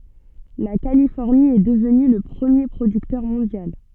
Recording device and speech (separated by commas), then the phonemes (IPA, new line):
soft in-ear microphone, read sentence
la kalifɔʁni ɛ dəvny lə pʁəmje pʁodyktœʁ mɔ̃djal